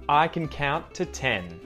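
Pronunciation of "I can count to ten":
In 'count', the T after the N is muted.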